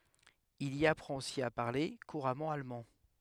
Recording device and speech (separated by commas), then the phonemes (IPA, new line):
headset microphone, read sentence
il i apʁɑ̃t osi a paʁle kuʁamɑ̃ almɑ̃